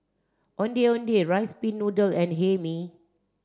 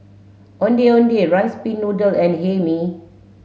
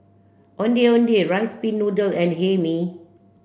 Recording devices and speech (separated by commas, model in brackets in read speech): standing microphone (AKG C214), mobile phone (Samsung S8), boundary microphone (BM630), read sentence